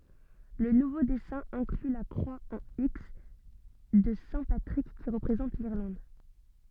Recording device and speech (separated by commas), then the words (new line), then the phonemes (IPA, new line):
soft in-ear microphone, read sentence
Le nouveau dessin inclut la croix en X de saint Patrick, qui représente l'Irlande.
lə nuvo dɛsɛ̃ ɛ̃kly la kʁwa ɑ̃ iks də sɛ̃ patʁik ki ʁəpʁezɑ̃t liʁlɑ̃d